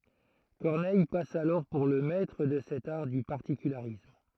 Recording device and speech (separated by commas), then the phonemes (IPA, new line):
throat microphone, read sentence
kɔʁnɛj pas alɔʁ puʁ lə mɛtʁ də sɛt aʁ dy paʁtikylaʁism